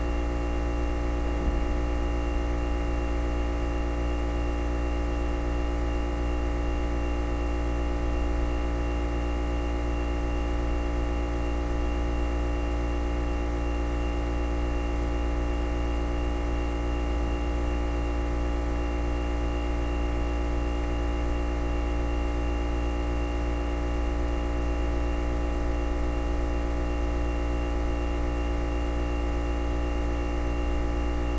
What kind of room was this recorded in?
A big, very reverberant room.